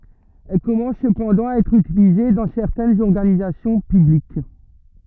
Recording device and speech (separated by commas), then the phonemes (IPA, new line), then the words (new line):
rigid in-ear microphone, read sentence
ɛl kɔmɑ̃s səpɑ̃dɑ̃ a ɛtʁ ytilize dɑ̃ sɛʁtɛnz ɔʁɡanizasjɔ̃ pyblik
Elle commence cependant à être utilisée dans certaines organisations publiques.